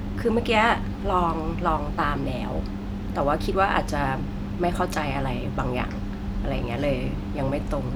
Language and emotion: Thai, neutral